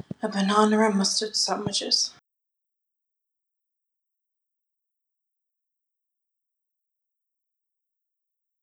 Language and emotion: English, sad